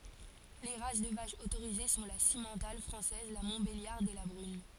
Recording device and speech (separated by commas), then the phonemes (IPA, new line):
forehead accelerometer, read sentence
le ʁas də vaʃz otoʁize sɔ̃ la simmɑ̃tal fʁɑ̃sɛz la mɔ̃tbeljaʁd e la bʁyn